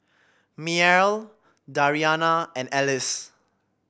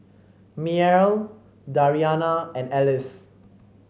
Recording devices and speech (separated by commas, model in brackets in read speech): boundary microphone (BM630), mobile phone (Samsung C5), read sentence